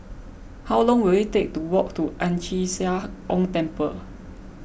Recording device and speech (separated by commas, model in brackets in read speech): boundary microphone (BM630), read sentence